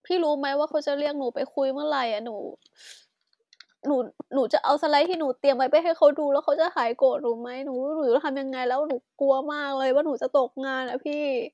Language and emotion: Thai, sad